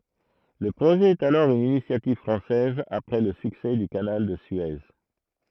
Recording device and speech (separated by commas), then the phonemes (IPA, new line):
throat microphone, read sentence
lə pʁoʒɛ ɛt alɔʁ yn inisjativ fʁɑ̃sɛz apʁɛ lə syksɛ dy kanal də sye